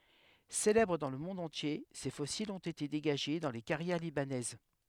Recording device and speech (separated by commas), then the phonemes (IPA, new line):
headset microphone, read sentence
selɛbʁ dɑ̃ lə mɔ̃d ɑ̃tje se fɔsilz ɔ̃t ete deɡaʒe dɑ̃ le kaʁjɛʁ libanɛz